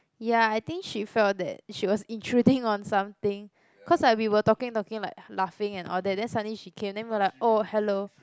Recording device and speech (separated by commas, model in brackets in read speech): close-talking microphone, conversation in the same room